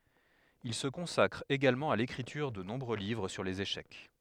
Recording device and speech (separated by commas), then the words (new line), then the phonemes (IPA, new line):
headset microphone, read sentence
Il se consacre également à l'écriture de nombreux livres sur les échecs.
il sə kɔ̃sakʁ eɡalmɑ̃ a lekʁityʁ də nɔ̃bʁø livʁ syʁ lez eʃɛk